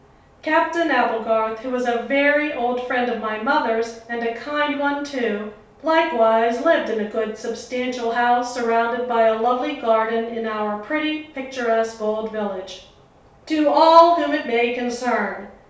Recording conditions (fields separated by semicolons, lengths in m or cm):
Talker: one person; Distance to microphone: 3.0 m; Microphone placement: far; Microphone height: 1.8 m; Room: small (3.7 m by 2.7 m); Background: none